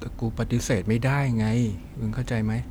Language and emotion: Thai, frustrated